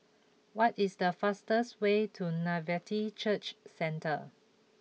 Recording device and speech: mobile phone (iPhone 6), read sentence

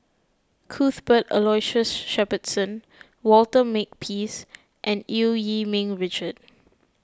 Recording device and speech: close-talking microphone (WH20), read sentence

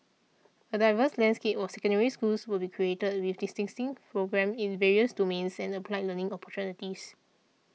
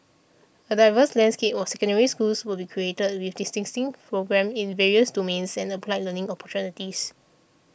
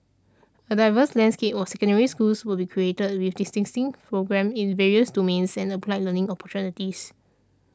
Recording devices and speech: mobile phone (iPhone 6), boundary microphone (BM630), standing microphone (AKG C214), read sentence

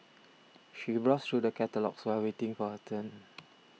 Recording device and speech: mobile phone (iPhone 6), read sentence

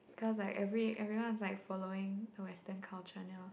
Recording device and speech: boundary microphone, conversation in the same room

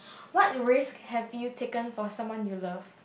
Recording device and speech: boundary microphone, conversation in the same room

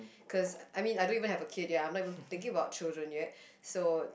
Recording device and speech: boundary microphone, conversation in the same room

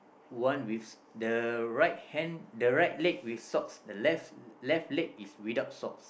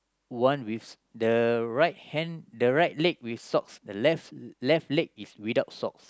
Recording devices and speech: boundary microphone, close-talking microphone, conversation in the same room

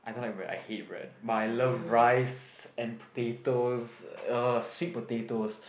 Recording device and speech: boundary microphone, conversation in the same room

